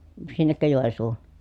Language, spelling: Finnish, sinnekö Joensuuhun
- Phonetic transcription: sinnekkö Jòensuu(hu) ?

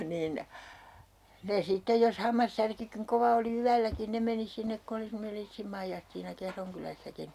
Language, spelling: Finnish, niin ne sitten jos hammassärkykin kova oli yölläkin ne meni sinne kun oli semmoinen Liitsin Maijastiina Kehron kylässäkin
- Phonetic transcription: 'niin , ne 'sittej jos 'hammassärkykiŋ 'kova oli "yälläkin 'ne meni 'sinnek ku oli semmonel 'Liitsim Maijastiina 'Kehroŋ kylässäkin .

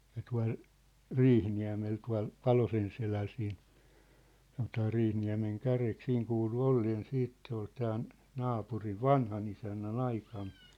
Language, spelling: Finnish, ja tuolla Riihiniemellä tuolla Palosenselällä siinä sanotaan Riihiniemenkärjeksi siinä kuului olleen sitten se oli tämän naapurin vanhanisännän aikana
- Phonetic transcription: ja 'tua̭l , "Riihniä̭mel tua̭l , "Palosen'seläl siin , sanotaa 'Riihniä̭meŋ'kärek 'siiŋ kuulu 'olleen 'siit , se ‿ol tään , 'naapuriv "vanhanisännä"n ‿aikan .

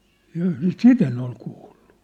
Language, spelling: Finnish, jaa sitä en ole kuullut
- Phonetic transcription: jaa , "sit ‿en ‿ol 'kuulʟᴜ .

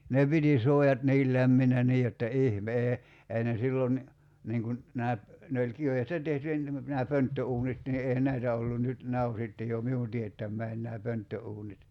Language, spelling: Finnish, ne piti suojat niin lämpimänä niin jotta ihme ei ne silloin niin kuin nämä ne oli kivestä tehty nämä pönttöuunit niin eihän näitä ollut nyt nämä on sitten jo minun teettämäni nämä pönttöuunit
- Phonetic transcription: 'ne piti 'suojat 'niil "lämminä 'nii jotta 'ih"mee , ei ne 'sillon , 'niiŋ kun , 'nää , 'ne oĺ 'kivestä 'tehty , nää 'pönttö₍uunit ni 'èihän "näitä ollun nyt , 'nää o sitte jo , "miun tiettäm̀äin nää 'pönttö₍uunit .

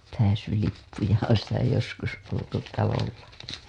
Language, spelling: Finnish, pääsylippuja on sitä joskus oltu talollakin
- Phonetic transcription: pääsylippuja , on̬ sitä joskus oltu 'talollaki .

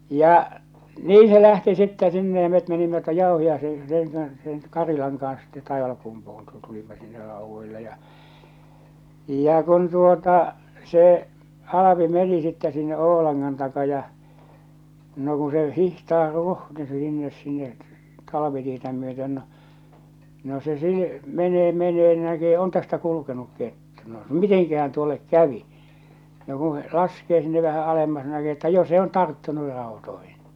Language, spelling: Finnish, ja niin se lähti sitten sinne ja me menimme tuon Jauhiaisen sen kanssa sen Karilan kanssa sitten Taivalkumpuun - tulimme sinne raudoille ja ja kun tuota se Alpi meni sitten sinne Oulangan taa ja no kun se hiihtää ruhni sinne sinne talvitietä myöten no no se - menee menee niin näkee on tästä kulkenut kettu no mitenkähän tuolle kävi no kun se laskee sinne vähän alemmas no näkee että jo se on tarttunut rautoihin
- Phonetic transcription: 'ja , "nii se lähti sittä sinne ja met menimmä tuoj 'ᴊàohi₍aise sèŋ kans , seŋ 'Karilaŋ kans sitte 'Taivalkumpuhun tu- 'tulimma sinne 'rauvvoille ja , ja kun tuota , se , 'Alapi "meni sittɛ sinne "Oo̭lanŋan taka ja , no ku se 'hihtaar 'ruhni 'sinnes sinne , 'talavitietä myöten no , no se sii- , 'menee 'menee ni 'näkee 'on tästä kulukenuk kettᴜ no "miteŋkähän tuollek "kävi , no ku (se) 'laskee sinne vähä alemmas no näkee että "jo se on 'tarttunu ràotoihin .

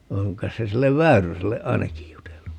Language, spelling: Finnish, on kai se sille Väyryselle ainakin jutellut
- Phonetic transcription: 'oŋ k̀ais se 'sillev "Väyryselle "ainakij jutellu .

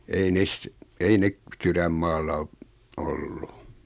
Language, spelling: Finnish, ei ne ei ne sydänmaalla - ollut
- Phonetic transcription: ei 'nes , ei 'nek , 'syrämmaalla o- , "ollu .

